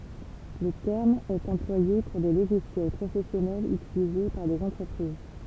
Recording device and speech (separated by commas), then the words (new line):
temple vibration pickup, read sentence
Le terme est employé pour des logiciels professionnels utilisés par des entreprises.